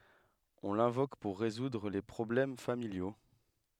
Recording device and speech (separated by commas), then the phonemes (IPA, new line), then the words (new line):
headset microphone, read sentence
ɔ̃ lɛ̃vok puʁ ʁezudʁ le pʁɔblɛm familjo
On l'invoque pour résoudre les problèmes familiaux.